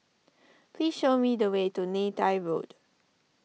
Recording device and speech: mobile phone (iPhone 6), read sentence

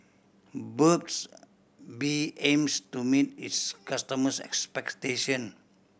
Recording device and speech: boundary microphone (BM630), read sentence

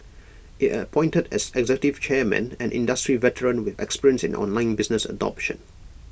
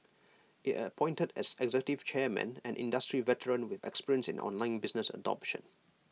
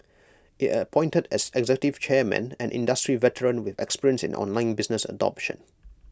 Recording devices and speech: boundary microphone (BM630), mobile phone (iPhone 6), close-talking microphone (WH20), read sentence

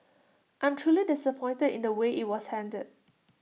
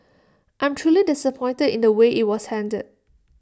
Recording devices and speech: mobile phone (iPhone 6), standing microphone (AKG C214), read sentence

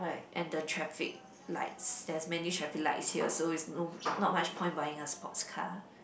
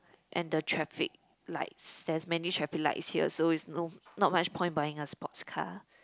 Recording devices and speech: boundary microphone, close-talking microphone, conversation in the same room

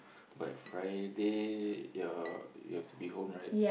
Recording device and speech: boundary microphone, conversation in the same room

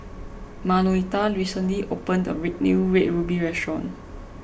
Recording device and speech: boundary microphone (BM630), read sentence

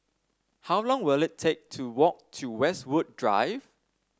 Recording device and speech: standing microphone (AKG C214), read sentence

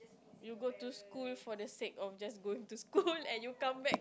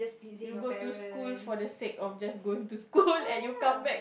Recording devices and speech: close-talking microphone, boundary microphone, conversation in the same room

